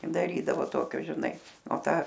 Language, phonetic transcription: Lithuanian, daˈrydavo ˈtokio žiˈnai o ˈtą

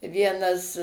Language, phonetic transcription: Lithuanian, ˈvienas

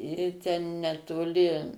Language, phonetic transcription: Lithuanian, ˈį ten netoˈli

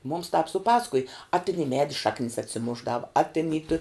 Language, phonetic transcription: Lithuanian, mums tāp suˈpasakuj a tin i ˈmedi ˈšaknis atsiˈmušˌdavu a tin į tu

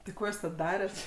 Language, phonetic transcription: Lithuanian, ti ˈko jūs tad ˈdaret

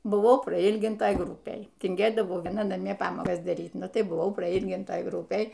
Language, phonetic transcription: Lithuanian, buˈvau praˈylgintaj ˈgrupėj tinˈgėdavau ˈviena naˈmie ˈpamokas daˈryt ˈnu ˈtai buˈvau praˈylgintaj ˈgrupėj

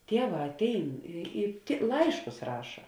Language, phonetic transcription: Lithuanian, ˈtieˌvā atˈein i i ti ˈlaiškus ˈraša

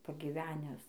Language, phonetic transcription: Lithuanian, pagyˈvenes

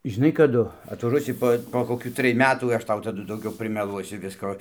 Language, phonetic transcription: Lithuanian, žiˈnai kaˈdu atvaˈžuosi po po koˈkių ˈtrij ˈmetų ˈaš ˈtau taˈdu dauˈgiau primeˈluosiu ˈvisko

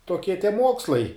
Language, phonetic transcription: Lithuanian, toˈkie tie ˈmuokslai

